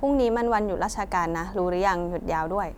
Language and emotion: Thai, neutral